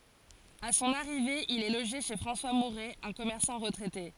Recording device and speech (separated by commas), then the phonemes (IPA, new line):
forehead accelerometer, read sentence
a sɔ̃n aʁive il ɛ loʒe ʃe fʁɑ̃swa muʁɛ œ̃ kɔmɛʁsɑ̃ ʁətʁɛte